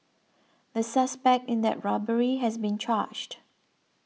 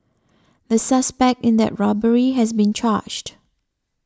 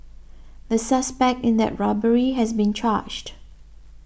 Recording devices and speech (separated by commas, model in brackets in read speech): mobile phone (iPhone 6), standing microphone (AKG C214), boundary microphone (BM630), read sentence